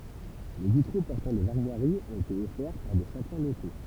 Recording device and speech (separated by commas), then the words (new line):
temple vibration pickup, read sentence
Les vitraux portant des armoiries ont été offerts par des châtelains locaux.